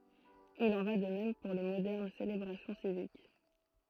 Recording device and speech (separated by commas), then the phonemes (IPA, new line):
throat microphone, read sentence
il ɑ̃ va də mɛm puʁ le modɛʁn selebʁasjɔ̃ sivik